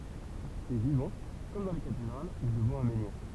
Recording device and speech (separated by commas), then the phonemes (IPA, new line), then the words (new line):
temple vibration pickup, read sentence
sɛ vivɑ̃ kɔm dɑ̃ le katedʁal u dəvɑ̃ œ̃ mɑ̃niʁ
C’est vivant, comme dans les cathédrales ou devant un menhir.